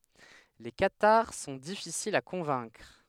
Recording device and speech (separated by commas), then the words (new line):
headset microphone, read sentence
Les cathares sont difficiles à convaincre.